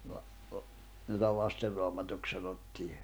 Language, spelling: Finnish, - jota Lasten Raamatuksi sanottiin
- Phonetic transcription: la- , jota 'Laster Roamatuk sanottii .

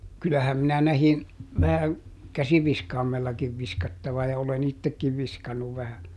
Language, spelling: Finnish, kyllähän minä näin vähän käsiviskaimellakin viskattavan ja olen itsekin viskannut vähän
- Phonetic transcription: ˈkyllähäm minä ˈnähin , vähäŋ , "käsiviskaamellakiv ˈviskattava ja olen "ittekkiv ˈviskannuv vähän .

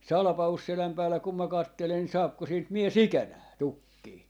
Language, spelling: Finnish, Salpausselän päällä kun minä katselen niin saako siitä mies ikänään tukkia
- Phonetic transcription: "Salᵃpausseläm päällä kum mä 'kattelen (ni) 'saapko siint 'mie"s ‿ikänää , "tukkii .

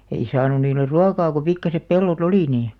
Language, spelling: Finnish, ei saanut niille ruokaa kun pikkuiset pellot oli niin
- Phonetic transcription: 'ei saanun̆ 'niiler̆ "ruakaa ko 'pikkasep 'pello"t ‿olì nii .

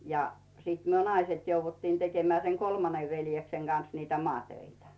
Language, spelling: Finnish, ja sitten me naiset jouduttiin tekemään sen kolmannen veljeksen kanssa niitä maatöitä
- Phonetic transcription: ja , siit 'myö "naiset jouvvuttiin 'tekemeä̀ 'seŋ "kolmanev 'veljekseŋ Gan̬s niitä 'mŏàtöitä .

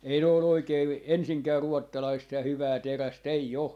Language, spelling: Finnish, ei ne ole oikein ensinkään ruotsalaista ja hyvää terästä ei ole
- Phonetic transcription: 'ei ne o'l ‿oikeev , "ensiŋkää 'ruottalaist ja "hyvää "teräs't ‿ei 'o .

